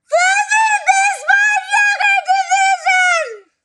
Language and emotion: English, fearful